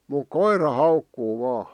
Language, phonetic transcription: Finnish, muk "koira 'haukkuu vaa .
- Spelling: mutta koira haukkuu vain

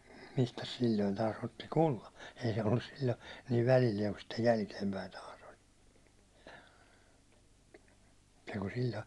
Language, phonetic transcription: Finnish, mistäs 'sil̜l̜oin taas otti "kulla , ei se 'ollus sil̜l̜o , niiv 'välillieŋ kun sittej 'jälkeimpäin taas ‿oĺ , niiku sil̜l̜ᴏ .
- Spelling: mistäs silloin taas otti kullan ei se ollut silloin niin välillään kuin sitten jälkeenpäin taas oli niin kuin silloin

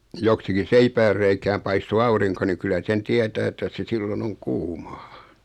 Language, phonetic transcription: Finnish, 'joksikin̬ 'seipäärreikääm 'paisto "auriŋko ni 'kylä 'sen "tiɛtää että se 'sillo'n ‿oŋ "kuumᴀ .
- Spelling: joksikin seipäänreikään paistoi aurinko niin kyllä sen tietää että se silloin on kuuma

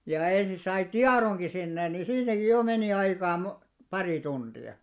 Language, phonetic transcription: Finnish, ja ensi sai "tiaroŋki sinne ni , 'siitäki "jò meni 'aikaa mo- 'parì 'tunᴅi₍a .
- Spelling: ja ensin sai tiedonkin sinne niin siitäkin jo meni aikaa - pari tuntia

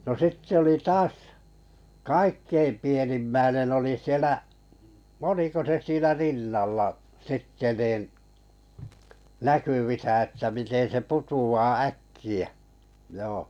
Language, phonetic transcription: Finnish, no 'sittᵉ ‿oli 'taas , "kaikkeim 'pienimmäinen oli 'sielä , "oliko se 'siinä "rinnalla , 'sitte nin , "näkyvisä että 'miten se 'putu₍a "äkki₍ᴀ̈ , joo .
- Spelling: no sitten oli taas kaikkein pienimmäinen oli siellä oliko se siinä rinnalla sitten niin näkyvissä että miten se putoaa äkkiä joo

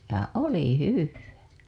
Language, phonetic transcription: Finnish, ja "oli "hyvvää .
- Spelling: ja oli hyvää

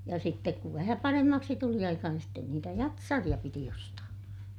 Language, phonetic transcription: Finnish, ja sittek kuv vähä paremmaksi tuli aika niin sten niitä jatsariʲa piti ostaa .
- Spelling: ja sitten kun vähän paremmaksi tuli aika niin sitten niitä jatsareita piti ostaa

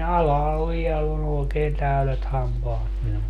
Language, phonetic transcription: Finnish, 'alahal 'viɛll ‿on ookeen 'täylet 'hampaat minul .
- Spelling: alhaalla vielä on oikein täydet hampaat minulla

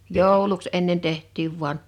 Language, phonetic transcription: Finnish, 'jòuluks ennen 'teht̆tiiv 'vu̬an .
- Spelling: jouluksi ennen tehtiin vain

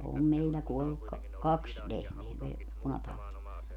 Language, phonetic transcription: Finnish, om 'meillä 'kuolluk ka- , 'kaks , 'lehmeä me- , 'punatautii .
- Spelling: on meillä kuollut - kaksi lehmää - punatautiin

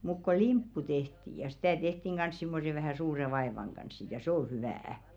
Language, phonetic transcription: Finnish, muk ko "limppu 'tehti ja sitä̀ tehtiŋ ɢans simmose vähä̀ "suure 'vaevaŋ ɢans sit ja sᵉ ‿o 'hyvä₍ä .
- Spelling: mutta kun limppu tehtiin ja sitä tehtiin kanssa semmoisen vähän suuren vaivan kanssa sitten ja se on hyvää

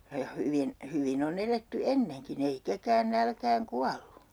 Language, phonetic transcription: Finnish, ja 'hyvin , 'hyvin ‿o'n ‿eletty "enneŋkin ‿ei 'ketään 'nälkääŋ "kuallu .
- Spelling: ja hyvin hyvin on eletty ennenkin ei ketään nälkään kuollut

